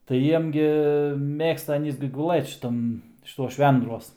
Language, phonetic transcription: Lithuanian, tai ˈjiem gi ˈmėgsta aˈnys gi guˈlɘt šiˈtam šiˈtuos ˈšvendruos

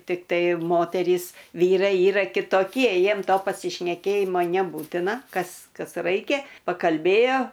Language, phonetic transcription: Lithuanian, tikˈtai ˈmoterys ˈvyrai ˈyra kitoˈkie ˈjiem ˈto pasišneˈkėjimo neˈbūtina ˈkas ˈkas ˈraikia pakalˈbėjo

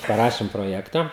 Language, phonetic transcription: Lithuanian, paˈrašim proˈjekta

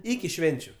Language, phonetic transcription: Lithuanian, ˈiki ˈšvenčiu

